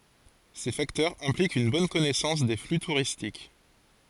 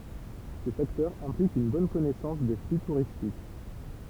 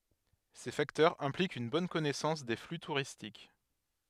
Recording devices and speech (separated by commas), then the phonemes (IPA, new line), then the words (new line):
forehead accelerometer, temple vibration pickup, headset microphone, read sentence
se faktœʁz ɛ̃plikt yn bɔn kɔnɛsɑ̃s de fly tuʁistik
Ces facteurs impliquent une bonne connaissance des flux touristiques.